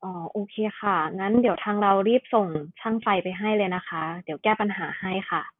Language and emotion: Thai, neutral